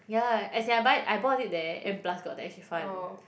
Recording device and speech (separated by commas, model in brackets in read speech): boundary microphone, conversation in the same room